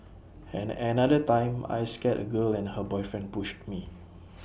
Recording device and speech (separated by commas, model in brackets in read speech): boundary microphone (BM630), read sentence